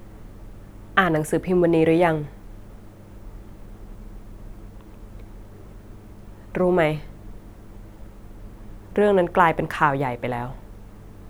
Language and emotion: Thai, sad